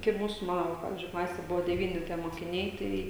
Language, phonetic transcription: Lithuanian, kai ˈmūsu ˈmano va ˈpavizdžiui ˈklasė ˈbuvo deˈvyni tie mokiˈniai ˈtai

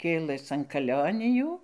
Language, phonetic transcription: Lithuanian, ˈkėləs an kaˈlionijų

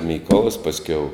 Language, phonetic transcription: Lithuanian, ˈmykolas pasˈkiau

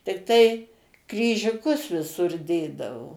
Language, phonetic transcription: Lithuanian, tikˈtai kryžiuˈkus viˈsur ˈdėdavo

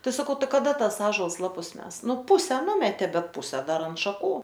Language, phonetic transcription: Lithuanian, ˈtai saˈkau ˈtai kaˈda ˈtas ˈąžuols ˈlapus ˈmes ˈnu ˈpuse ˈnumetė ˈbet ˈpuse ˈdar ant šaˈkų

